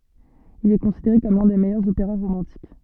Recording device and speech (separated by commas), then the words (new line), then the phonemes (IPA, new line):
soft in-ear microphone, read sentence
Il est considéré comme l'un des meilleurs opéras romantiques.
il ɛ kɔ̃sideʁe kɔm lœ̃ de mɛjœʁz opeʁa ʁomɑ̃tik